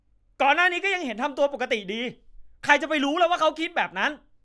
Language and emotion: Thai, angry